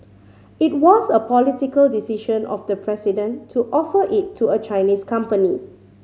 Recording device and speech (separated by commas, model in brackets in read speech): mobile phone (Samsung C5010), read sentence